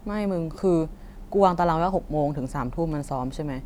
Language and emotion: Thai, frustrated